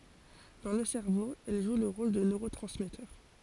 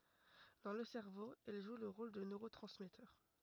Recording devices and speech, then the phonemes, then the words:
forehead accelerometer, rigid in-ear microphone, read sentence
dɑ̃ lə sɛʁvo ɛl ʒw lə ʁol də nøʁotʁɑ̃smɛtœʁ
Dans le cerveau, elles jouent le rôle de neurotransmetteurs.

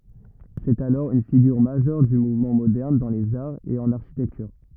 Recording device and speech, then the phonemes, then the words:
rigid in-ear microphone, read sentence
sɛt alɔʁ yn fiɡyʁ maʒœʁ dy muvmɑ̃ modɛʁn dɑ̃ lez aʁz e ɑ̃n aʁʃitɛktyʁ
C’est alors une figure majeure du mouvement moderne dans les arts et en architecture.

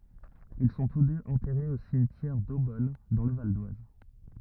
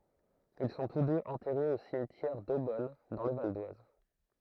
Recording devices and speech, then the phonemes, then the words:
rigid in-ear microphone, throat microphone, read sentence
il sɔ̃ tus døz ɑ̃tɛʁez o simtjɛʁ dobɔn dɑ̃ lə valdwaz
Ils sont tous deux enterrés au cimetière d'Eaubonne, dans le Val-d'Oise.

